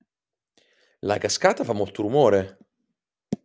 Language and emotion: Italian, surprised